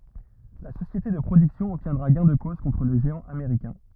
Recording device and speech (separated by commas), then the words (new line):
rigid in-ear microphone, read sentence
La société de production obtiendra gain de cause contre le géant américain.